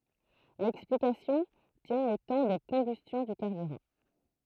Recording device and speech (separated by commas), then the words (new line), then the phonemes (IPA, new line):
throat microphone, read sentence
L'explication tient au temps de combustion du carburant.
lɛksplikasjɔ̃ tjɛ̃ o tɑ̃ də kɔ̃bystjɔ̃ dy kaʁbyʁɑ̃